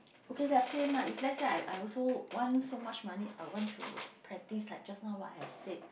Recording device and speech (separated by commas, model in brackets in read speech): boundary microphone, conversation in the same room